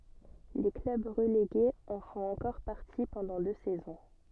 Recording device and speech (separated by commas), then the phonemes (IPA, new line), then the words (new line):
soft in-ear microphone, read sentence
le klœb ʁəleɡez ɑ̃ fɔ̃t ɑ̃kɔʁ paʁti pɑ̃dɑ̃ dø sɛzɔ̃
Les clubs relégués en font encore partie pendant deux saisons.